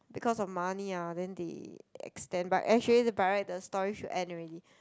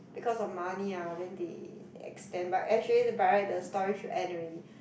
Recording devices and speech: close-talking microphone, boundary microphone, conversation in the same room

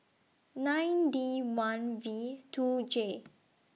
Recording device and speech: mobile phone (iPhone 6), read sentence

